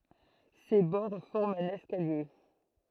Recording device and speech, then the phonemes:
throat microphone, read sentence
se bɔʁ fɔʁmt œ̃n ɛskalje

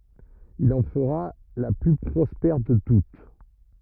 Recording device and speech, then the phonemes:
rigid in-ear microphone, read sentence
il ɑ̃ fəʁa la ply pʁɔspɛʁ də tut

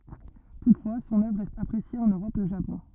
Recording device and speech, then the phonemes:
rigid in-ear microphone, read sentence
tutfwa sɔ̃n œvʁ ʁɛst apʁesje ɑ̃n øʁɔp e o ʒapɔ̃

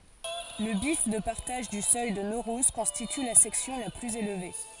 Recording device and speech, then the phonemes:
forehead accelerometer, read sentence
lə bjɛf də paʁtaʒ dy sœj də noʁuz kɔ̃stity la sɛksjɔ̃ la plyz elve

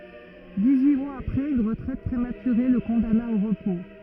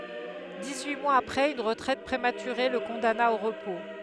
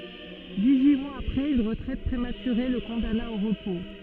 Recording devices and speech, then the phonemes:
rigid in-ear microphone, headset microphone, soft in-ear microphone, read sentence
diksyi mwaz apʁɛz yn ʁətʁɛt pʁematyʁe lə kɔ̃dana o ʁəpo

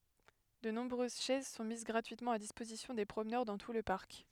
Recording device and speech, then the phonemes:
headset microphone, read sentence
də nɔ̃bʁøz ʃɛz sɔ̃ miz ɡʁatyitmɑ̃ a dispozisjɔ̃ de pʁomnœʁ dɑ̃ tu lə paʁk

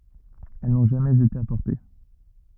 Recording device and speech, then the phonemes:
rigid in-ear microphone, read sentence
ɛl nɔ̃ ʒamɛz ete apɔʁte

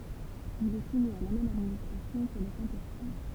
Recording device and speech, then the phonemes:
temple vibration pickup, read sentence
il ɛ sumi a la mɛm administʁasjɔ̃ kə lə kɑ̃ puʁ fam

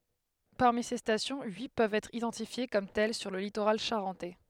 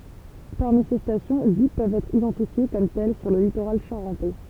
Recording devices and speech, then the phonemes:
headset microphone, temple vibration pickup, read sentence
paʁmi se stasjɔ̃ yi pøvt ɛtʁ idɑ̃tifje kɔm tɛl syʁ lə litoʁal ʃaʁɑ̃tɛ

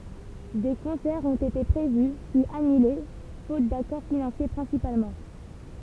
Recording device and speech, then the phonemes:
temple vibration pickup, read sentence
de kɔ̃sɛʁz ɔ̃t ete pʁevy pyiz anyle fot dakɔʁ finɑ̃sje pʁɛ̃sipalmɑ̃

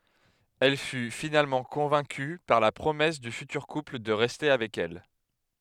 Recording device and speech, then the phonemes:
headset microphone, read sentence
ɛl fy finalmɑ̃ kɔ̃vɛ̃ky paʁ la pʁomɛs dy fytyʁ kupl də ʁɛste avɛk ɛl

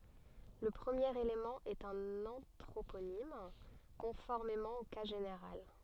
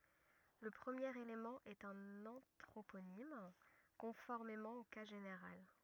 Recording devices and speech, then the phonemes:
soft in-ear microphone, rigid in-ear microphone, read sentence
lə pʁəmjeʁ elemɑ̃ ɛt œ̃n ɑ̃tʁoponim kɔ̃fɔʁmemɑ̃ o ka ʒeneʁal

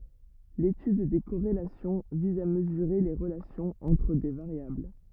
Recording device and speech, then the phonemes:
rigid in-ear microphone, read sentence
letyd de koʁelasjɔ̃ viz a məzyʁe le ʁəlasjɔ̃z ɑ̃tʁ de vaʁjabl

